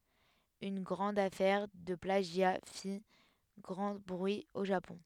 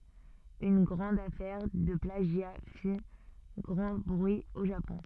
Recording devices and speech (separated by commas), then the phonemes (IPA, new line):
headset microphone, soft in-ear microphone, read sentence
yn ɡʁɑ̃d afɛʁ də plaʒja fi ɡʁɑ̃ bʁyi o ʒapɔ̃